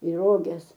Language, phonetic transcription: Lithuanian, į ˈroges

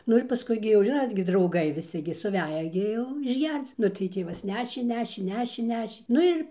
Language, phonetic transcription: Lithuanian, ˈnu ir paˈskui gi jau ˈžinot gi drauˈgai viˈsi gi suˈveja gi ˈjau išˈgerc ˈnu tai ˈtėvas ˈnešė ˈnešė ˈnešė ˈnešė ˈnu ir

